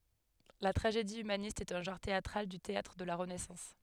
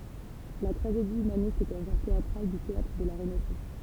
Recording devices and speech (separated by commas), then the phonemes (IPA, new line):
headset microphone, temple vibration pickup, read sentence
la tʁaʒedi ymanist ɛt œ̃ ʒɑ̃ʁ teatʁal dy teatʁ də la ʁənɛsɑ̃s